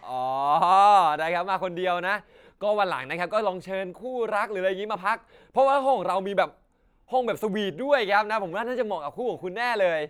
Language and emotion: Thai, happy